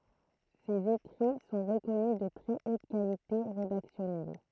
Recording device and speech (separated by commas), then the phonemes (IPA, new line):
throat microphone, read sentence
sez ekʁi sɔ̃ ʁəkɔny də tʁɛ ot kalite ʁedaksjɔnɛl